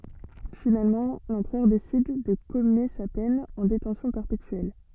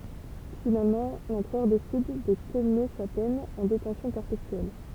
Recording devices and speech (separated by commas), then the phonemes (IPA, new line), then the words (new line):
soft in-ear microphone, temple vibration pickup, read sentence
finalmɑ̃ lɑ̃pʁœʁ desid də kɔmye sa pɛn ɑ̃ detɑ̃sjɔ̃ pɛʁpetyɛl
Finalement l'empereur décide de commuer sa peine en détention perpétuelle.